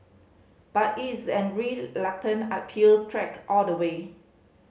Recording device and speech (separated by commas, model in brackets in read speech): mobile phone (Samsung C5010), read sentence